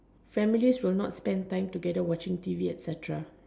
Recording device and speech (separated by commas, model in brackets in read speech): standing microphone, conversation in separate rooms